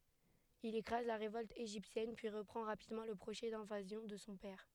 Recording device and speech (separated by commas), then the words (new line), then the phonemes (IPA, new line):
headset microphone, read sentence
Il écrase la révolte égyptienne, puis reprend rapidement le projet d'invasion de son père.
il ekʁaz la ʁevɔlt eʒiptjɛn pyi ʁəpʁɑ̃ ʁapidmɑ̃ lə pʁoʒɛ dɛ̃vazjɔ̃ də sɔ̃ pɛʁ